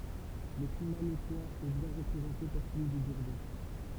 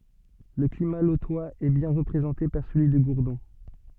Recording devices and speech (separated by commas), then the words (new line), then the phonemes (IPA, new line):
temple vibration pickup, soft in-ear microphone, read sentence
Le climat lotois est bien représenté par celui de Gourdon.
lə klima lotwaz ɛ bjɛ̃ ʁəpʁezɑ̃te paʁ səlyi də ɡuʁdɔ̃